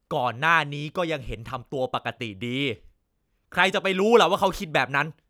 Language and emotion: Thai, angry